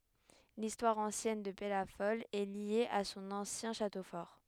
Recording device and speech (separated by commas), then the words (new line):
headset microphone, read sentence
L'histoire ancienne de Pellafol est liée à son ancien château fort.